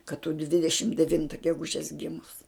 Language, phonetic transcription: Lithuanian, kad tu ˈdvidešim deˈvinta geˈgužes ˈgimus

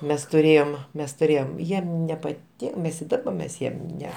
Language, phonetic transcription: Lithuanian, ˈmes tuˈrėjom ˈmes tuˈrėjom ˈjiem nepaˈtin ˈmes i ˈdaba ˈmes ˈjiem ˈne

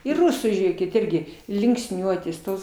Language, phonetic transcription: Lithuanian, ir ˈrusų ˈžėkit ˈirgi linksˈniuotės ˈtos

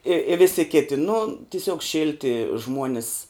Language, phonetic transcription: Lithuanian, i i ˈvisi ˈkiti nu tiˈsiuog ˈšilti ˈžmuonis

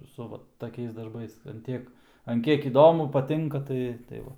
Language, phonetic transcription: Lithuanian, su ˈva taˈkiais darˈbais an ˈtiek an ˈkiek įˈdomu paˈtinka ˈtai tai ˈva

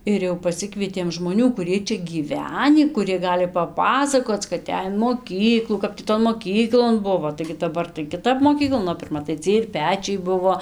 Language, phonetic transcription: Lithuanian, ir ˈjau paˈsikvietėm žmoˈnių kuˈriej ˈčia gyˈvenį kuˈrie ˈgali paˈpasakoc kad ˈej in moˈkyklų ˈkap tį ˈton moˈkyklon ˈbuvo taigi daˈbar tai kiˈtap moˈkyklon o pirˈma tai ˈciej ir ˈpečiai ˈbuvo

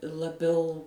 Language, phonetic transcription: Lithuanian, laˈbiau

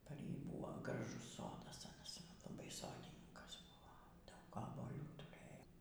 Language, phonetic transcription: Lithuanian, par ˈjį ˈbūvo graˈžus ˈsodas aˈnas laˈbai ˈsodininkas ˈbuvo ˈdaug obuoˈlių tuˈrɘjo

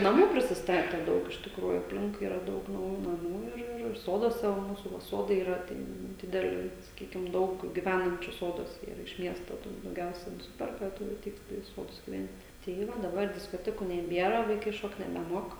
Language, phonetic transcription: Lithuanian, naˈmų prisisˈtate ˈdaug iš tikˈrųjų apˈlinkui ˈyra ˈdaug nauˈjų naˈmų ir ˈir ˈsoduose va ˈmūsų va ˈsodai yˈra ˈten ˈdideli saˈkykim ˈdaug giˈvænančiu ˈsoduose yˈra iš ˈmiesto tų dauˈgiausia nuˈsiperka ˈturi aˈteit taˈda i ˈsodus giˈvent' tai ˈva daˈbar diskoˈtekų neˈbiera vaiˈkai ˈšokt nebeˈmuok

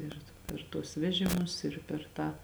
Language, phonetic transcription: Lithuanian, ˈir per tuos ˈvežimus ir per ˈtą

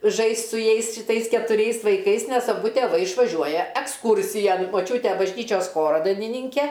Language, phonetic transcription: Lithuanian, ˈžaist' su ˈjais šiˈtais ketuˈriais vaiˈkais nes aˈbu tėˈvai išvaˈžiuoja eksˈkūrsijan moˈčiūte bažˈnyčios ˈchoro dainiˈnynke

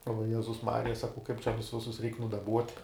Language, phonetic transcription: Lithuanian, o vaˈjezus ˈmarija ˈsakau kaip čia ˈvisus ˈjus ˈreik nudaˈbuot'

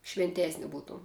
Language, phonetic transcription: Lithuanian, švinˈtėsni ˈbūtuom

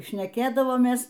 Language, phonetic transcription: Lithuanian, šneˈkėdavomės

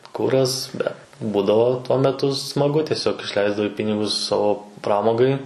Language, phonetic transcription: Lithuanian, ˈkuras ˈbet ˈbūdavo tuo meˈtu smaˈgu tieˈsiog išˈleisdavai ˈpinigus ˈsavo ˈpramogai

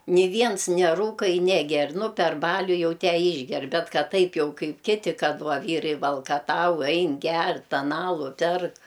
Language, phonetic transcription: Lithuanian, ni ˈviens neˈrūka i neˈger nu per ˈbaliu ˈjau ˈtę ˈyšger ˈbet ˈkad ˈtaip jau ˈkaip ˈkiti ˈkad ˈva ˈvyrai valkaˈtau ˈain ˈger ˈten ˈalu ˈperk

